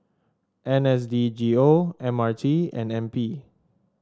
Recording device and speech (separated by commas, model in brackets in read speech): standing microphone (AKG C214), read sentence